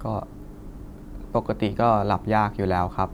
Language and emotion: Thai, neutral